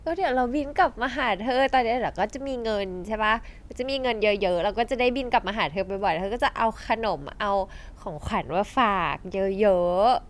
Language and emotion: Thai, happy